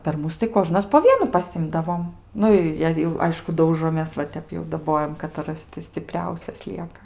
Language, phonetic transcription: Lithuanian, per ˈmus tai ˈkožnas po ˈvienu paˈsimdavom ˈnu i jei jau ˈaišku ˈdaužomės va ˈtep jau daˈbojam kataˈras ti sciˈpriausias ˈlieka

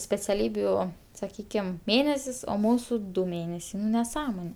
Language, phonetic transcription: Lithuanian, speciaˈlybių saˈkykim ˈmėnesis o ˈmūsu ˈdu ˈmėnesiai nu neˈsąmone

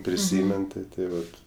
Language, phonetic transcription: Lithuanian, priˈsymen ti tai ˈvat

